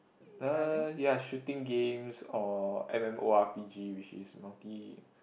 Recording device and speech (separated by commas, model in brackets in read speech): boundary microphone, conversation in the same room